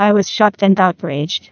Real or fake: fake